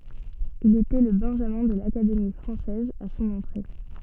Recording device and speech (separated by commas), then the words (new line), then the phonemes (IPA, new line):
soft in-ear microphone, read sentence
Il était le benjamin de l'Académie française à son entrée.
il etɛ lə bɛ̃ʒamɛ̃ də lakademi fʁɑ̃sɛz a sɔ̃n ɑ̃tʁe